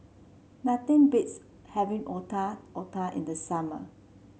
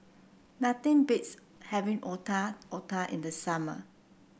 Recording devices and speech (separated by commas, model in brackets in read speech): mobile phone (Samsung C7), boundary microphone (BM630), read sentence